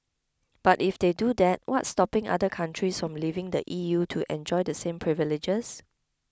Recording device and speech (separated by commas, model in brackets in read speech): close-talking microphone (WH20), read sentence